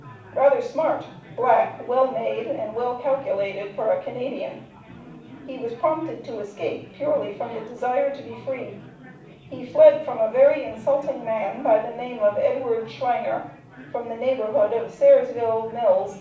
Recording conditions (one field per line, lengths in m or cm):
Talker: one person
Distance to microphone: 5.8 m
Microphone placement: far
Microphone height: 1.8 m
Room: medium-sized (5.7 m by 4.0 m)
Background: babble